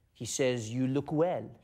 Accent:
with French accent